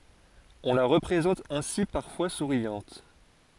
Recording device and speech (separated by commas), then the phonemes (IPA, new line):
forehead accelerometer, read sentence
ɔ̃ la ʁəpʁezɑ̃t ɛ̃si paʁfwa suʁjɑ̃t